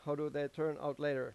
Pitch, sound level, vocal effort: 145 Hz, 92 dB SPL, normal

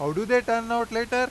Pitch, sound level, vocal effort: 230 Hz, 99 dB SPL, very loud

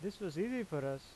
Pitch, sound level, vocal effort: 190 Hz, 86 dB SPL, normal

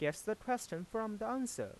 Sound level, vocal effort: 90 dB SPL, soft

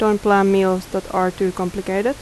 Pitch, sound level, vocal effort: 190 Hz, 82 dB SPL, normal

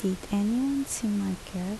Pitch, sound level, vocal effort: 205 Hz, 73 dB SPL, soft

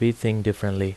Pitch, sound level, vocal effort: 105 Hz, 80 dB SPL, normal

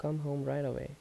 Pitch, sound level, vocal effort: 145 Hz, 77 dB SPL, soft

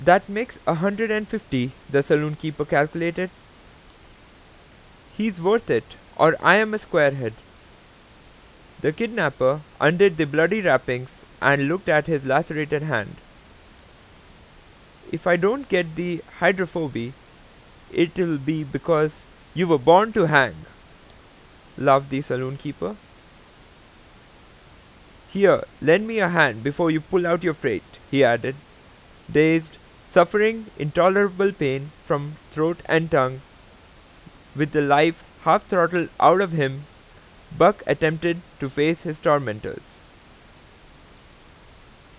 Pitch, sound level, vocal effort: 155 Hz, 90 dB SPL, loud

